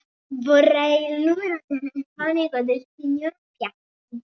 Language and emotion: Italian, happy